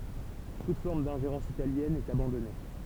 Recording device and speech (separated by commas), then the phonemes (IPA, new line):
temple vibration pickup, read sentence
tut fɔʁm dɛ̃ʒeʁɑ̃s italjɛn ɛt abɑ̃dɔne